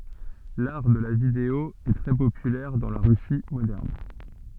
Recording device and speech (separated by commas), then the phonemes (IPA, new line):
soft in-ear microphone, read sentence
laʁ də la video ɛ tʁɛ popylɛʁ dɑ̃ la ʁysi modɛʁn